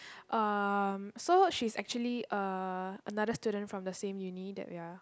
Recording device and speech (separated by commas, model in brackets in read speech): close-talking microphone, conversation in the same room